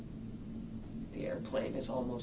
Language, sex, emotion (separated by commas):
English, male, sad